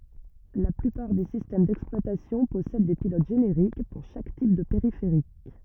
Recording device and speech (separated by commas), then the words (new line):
rigid in-ear microphone, read sentence
La plupart des systèmes d’exploitation possèdent des pilotes génériques, pour chaque type de périphérique.